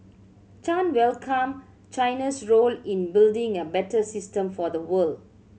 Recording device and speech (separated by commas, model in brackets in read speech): mobile phone (Samsung C7100), read sentence